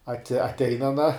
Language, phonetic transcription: Lithuanian, aˈti atˈein aˈna

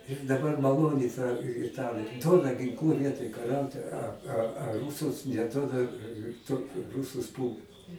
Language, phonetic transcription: Lithuanian, ir daˈbar maˈloni ta iˈtalė ˈduoda ginˈklų ˈvietoj kaˈriauti a a a ˈrūsus neˈduoda ˈtuot ˈrusus ˈpūlt

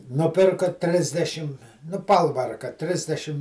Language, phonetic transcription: Lithuanian, nuˈpirko ˈtrisdešim nu ˈpalvarka ˈtrisdešim

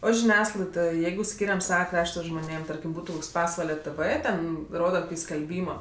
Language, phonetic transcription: Lithuanian, o žiˈniasklaidoj ˈjeigu ˈskyriam ˈsava ˈkrašta žmoˈnėm ˈtarkim ˈbūtu ˈpasvale ˈtɜvɜ ˈten ˈroda koˈkį skelˈbymo

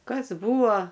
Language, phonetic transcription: Lithuanian, ˈkas ˈbūo

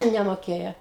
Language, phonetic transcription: Lithuanian, nemoˈkėja

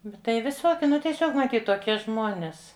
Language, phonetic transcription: Lithuanian, bet ˈtai viˈsoki ˈnu tieˈsiog maˈtyt toˈkie ˈžmonės

